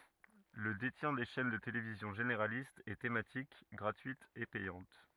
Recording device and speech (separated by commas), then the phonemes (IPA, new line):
rigid in-ear microphone, read sentence
lə detjɛ̃ de ʃɛn də televizjɔ̃ ʒeneʁalistz e tematik ɡʁatyitz e pɛjɑ̃t